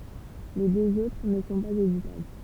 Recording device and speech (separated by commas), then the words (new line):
temple vibration pickup, read sentence
Les deux autres ne sont pas auditables.